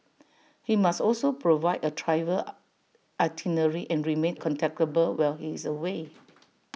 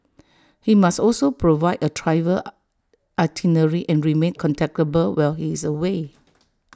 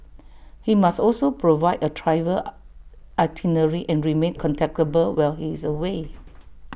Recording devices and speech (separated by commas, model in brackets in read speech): mobile phone (iPhone 6), standing microphone (AKG C214), boundary microphone (BM630), read sentence